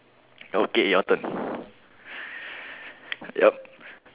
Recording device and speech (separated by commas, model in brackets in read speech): telephone, conversation in separate rooms